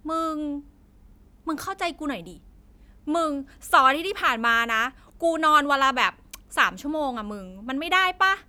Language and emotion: Thai, frustrated